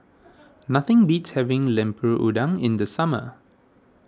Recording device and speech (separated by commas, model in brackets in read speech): standing microphone (AKG C214), read sentence